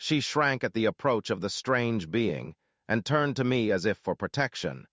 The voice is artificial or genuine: artificial